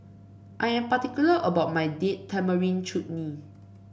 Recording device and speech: boundary microphone (BM630), read sentence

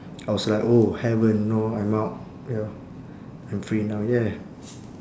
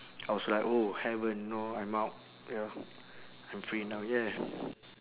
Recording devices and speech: standing microphone, telephone, conversation in separate rooms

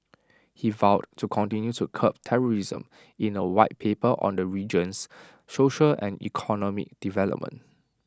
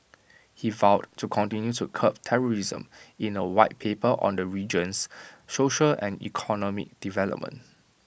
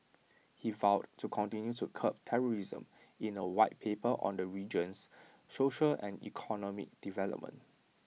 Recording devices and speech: standing microphone (AKG C214), boundary microphone (BM630), mobile phone (iPhone 6), read sentence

